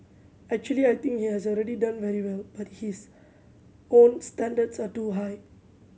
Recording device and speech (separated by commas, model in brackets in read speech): mobile phone (Samsung C7100), read sentence